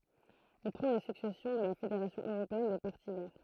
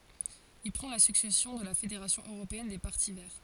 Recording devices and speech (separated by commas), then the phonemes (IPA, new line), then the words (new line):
throat microphone, forehead accelerometer, read sentence
il pʁɑ̃ la syksɛsjɔ̃ də la fedeʁasjɔ̃ øʁopeɛn de paʁti vɛʁ
Il prend la succession de la fédération européenne des Partis verts.